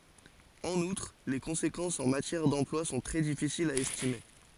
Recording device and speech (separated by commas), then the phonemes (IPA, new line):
forehead accelerometer, read sentence
ɑ̃n utʁ le kɔ̃sekɑ̃sz ɑ̃ matjɛʁ dɑ̃plwa sɔ̃ tʁɛ difisilz a ɛstime